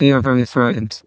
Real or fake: fake